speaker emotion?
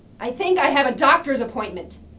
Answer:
angry